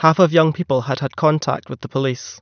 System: none